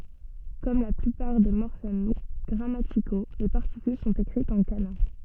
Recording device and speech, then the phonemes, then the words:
soft in-ear microphone, read sentence
kɔm la plypaʁ de mɔʁfɛm ɡʁamatiko le paʁtikyl sɔ̃t ekʁitz ɑ̃ kana
Comme la plupart des morphèmes grammaticaux, les particules sont écrites en kana.

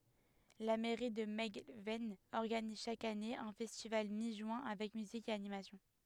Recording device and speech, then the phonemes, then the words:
headset microphone, read sentence
la mɛʁi də mɛlɡvɛn ɔʁɡaniz ʃak ane œ̃ fɛstival mi ʒyɛ̃ avɛk myzik e animasjɔ̃
La mairie de Melgven organise chaque année un festival mi-juin avec musique et animation.

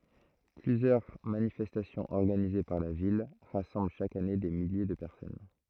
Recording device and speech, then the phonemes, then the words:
throat microphone, read sentence
plyzjœʁ manifɛstasjɔ̃z ɔʁɡanize paʁ la vil ʁasɑ̃bl ʃak ane de milje də pɛʁsɔn
Plusieurs manifestations organisées par la Ville rassemblent chaque année des milliers de personnes.

